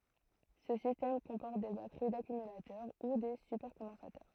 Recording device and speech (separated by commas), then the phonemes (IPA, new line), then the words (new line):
throat microphone, read sentence
sə sistɛm kɔ̃pɔʁt de batəʁi dakymylatœʁ u de sypɛʁkɔ̃dɑ̃satœʁ
Ce système comporte des batteries d'accumulateurs ou des supercondensateurs.